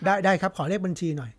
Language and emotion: Thai, neutral